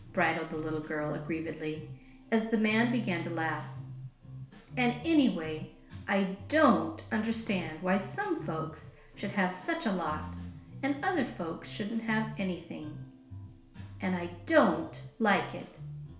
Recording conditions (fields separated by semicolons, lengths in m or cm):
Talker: one person; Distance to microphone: 1.0 m; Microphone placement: close; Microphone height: 1.1 m; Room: small (3.7 m by 2.7 m); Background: music